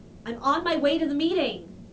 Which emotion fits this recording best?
angry